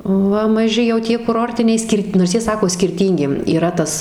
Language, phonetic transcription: Lithuanian, ˈva maˈži jau ˈtie kuˈrortiniai ˈskirt' nors ˈjie ˈsako skirˈtyngi yˈra ˈtas

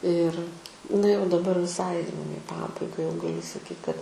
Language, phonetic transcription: Lithuanian, ir na jau daˈbar viˈsai jau i ˈpabaiga jau gaˈliu saˈkyt kad

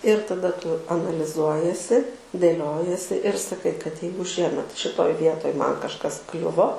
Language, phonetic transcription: Lithuanian, ir taˈda ˈtu analiˈzuojiesi dėˈliojiesi ir saˈkai kad ˈjeigu ˈšiemet šiˈtoj ˈvietoj ˈman kažˈkas ˈkliuvo

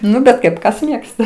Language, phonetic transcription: Lithuanian, ˈnu bet ˈkaip ˈkas ˈmėgsta

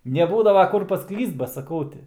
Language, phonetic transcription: Lithuanian, neˈbūdava ˈkur paˈklyst ba saˈkau ˈti

